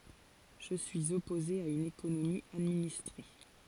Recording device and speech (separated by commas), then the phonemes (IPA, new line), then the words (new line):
forehead accelerometer, read sentence
ʒə syiz ɔpoze a yn ekonomi administʁe
Je suis opposé à une économie administrée.